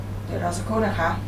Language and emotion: Thai, neutral